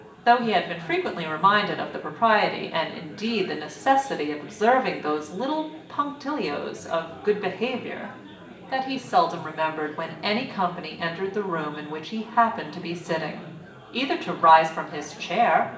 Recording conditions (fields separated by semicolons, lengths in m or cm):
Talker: one person; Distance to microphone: 1.8 m; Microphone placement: close; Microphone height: 1.0 m; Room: large; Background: babble